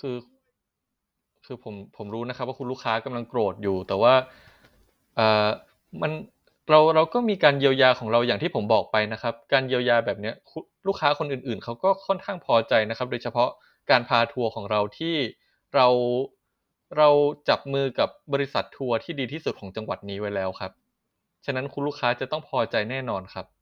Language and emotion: Thai, neutral